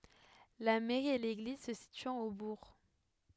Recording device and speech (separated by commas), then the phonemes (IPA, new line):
headset microphone, read sentence
la mɛʁi e leɡliz sə sityɑ̃t o buʁ